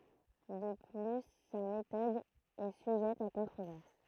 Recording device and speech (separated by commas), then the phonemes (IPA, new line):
throat microphone, read sentence
də ply sa metɔd ɛ syʒɛt a kɔ̃tʁovɛʁs